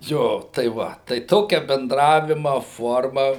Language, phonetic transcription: Lithuanian, ˈjo tai ˈva tai ˈtokia benˈdravima ˈforma

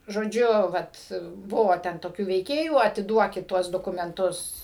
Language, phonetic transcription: Lithuanian, žoˈdžiu ˈvat ˈbuvo ˈten toˈkių veiˈkėjų atiˈduokit ˈtuos dokumenˈtus

